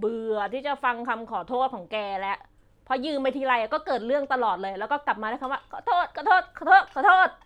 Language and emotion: Thai, frustrated